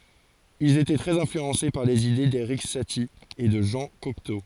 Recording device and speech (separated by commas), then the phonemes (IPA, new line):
forehead accelerometer, read sentence
ilz etɛ tʁɛz ɛ̃flyɑ̃se paʁ lez ide deʁik sati e də ʒɑ̃ kɔkto